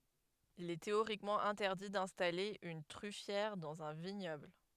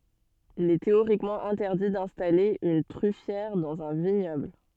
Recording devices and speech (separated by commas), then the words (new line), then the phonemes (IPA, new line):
headset microphone, soft in-ear microphone, read sentence
Il est théoriquement interdit d'installer une truffière dans un vignoble.
il ɛ teoʁikmɑ̃ ɛ̃tɛʁdi dɛ̃stale yn tʁyfjɛʁ dɑ̃z œ̃ viɲɔbl